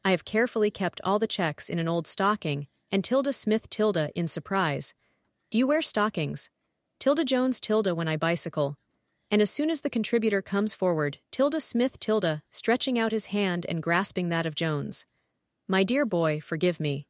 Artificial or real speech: artificial